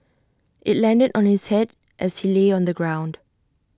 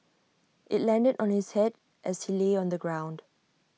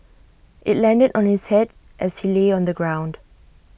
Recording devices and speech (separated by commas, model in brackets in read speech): standing microphone (AKG C214), mobile phone (iPhone 6), boundary microphone (BM630), read sentence